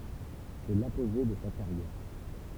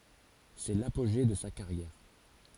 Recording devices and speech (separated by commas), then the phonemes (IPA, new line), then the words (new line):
temple vibration pickup, forehead accelerometer, read sentence
sɛ lapoʒe də sa kaʁjɛʁ
C’est l’apogée de sa carrière.